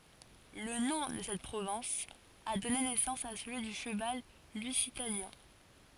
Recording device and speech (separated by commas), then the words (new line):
forehead accelerometer, read sentence
Le nom de cette province a donné naissance à celui du cheval Lusitanien.